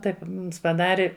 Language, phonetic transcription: Lithuanian, ˈtaip paˈdari

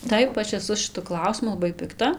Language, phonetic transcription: Lithuanian, ˈtaip ˈaš eˈsu šiˈtu ˈklausimu laˈbai pikˈta

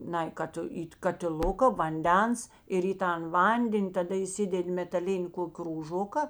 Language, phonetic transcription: Lithuanian, ˈnai ˈkad į katiˈluka vanˈdens ir į ˈtan ˈvanden' taˈda įˈsided' metaˈlini ˈkok' krūˈžoka

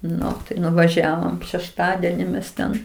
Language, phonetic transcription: Lithuanian, ˈnu tai nuvaˈžiavom šešˈtadeni mes ˈten

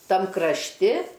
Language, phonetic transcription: Lithuanian, ˈtam krašˈti

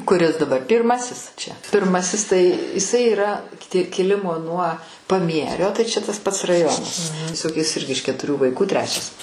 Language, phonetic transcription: Lithuanian, kuˈris daˈbar ˈpyrˌmasis čia pirˈmasis tai iˈsai yˈra kiˈti kiˈlimo nuo paˈmierio tai čia tas pats raˈjonas tieˈsog jis ˈirgi iš ketuˈrių vaiˈkų ˈtrečias

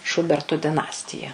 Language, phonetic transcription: Lithuanian, ˈšubertu diˈnastija

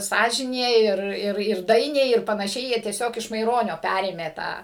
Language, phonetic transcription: Lithuanian, ˈsąžinė ir ˈir ir ˈdainiai ir panaˈšiai ˈjie tieˈsiog iš maiˈronio ˈpærėmė ˈtą

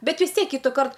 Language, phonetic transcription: Lithuanian, ˈbet vis ˈtiek ˈkytuˌkart

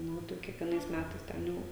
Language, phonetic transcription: Lithuanian, ˈnu tai kiekvieˈnais ˈmætais ˈten jau

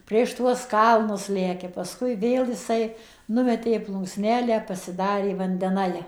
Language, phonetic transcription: Lithuanian, ˌprieš tuos ˈkalnus lekia pasˈkui ˈvėl jiˈsai ˈnumetė plunksˈnelę pasiˈdarė vandeˈnai

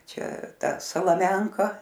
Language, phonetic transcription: Lithuanian, ˈčia ˈta salaˈmenka

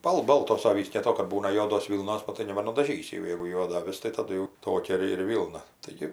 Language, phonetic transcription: Lithuanian, ˈbal ˈboltos ˈavys dėlˈto kad ˈbūna ˈjuodos ˈvylnos ˈnu tai nebanudaˈžysi jau ˈjeigu ˈjuoda aˈvis tai taˈdu jau ˈtokia ir ir ˈvylna taiˈgi

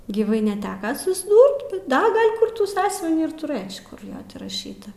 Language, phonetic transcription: Lithuanian, gyˈvai neˈteka susˈdūrt bet ˈda ˈgal' ˈkur ˈtų ˈsąsiuvinį ir tuˈrɘč kur ˈjo ti raˈšyta

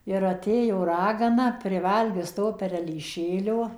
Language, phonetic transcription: Lithuanian, ir aˈtėjo ˈragana priˈvalgius to perelyˈšėlio

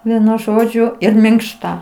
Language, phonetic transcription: Lithuanian, ˈvienu ˈžodžiu ir minkˈšta

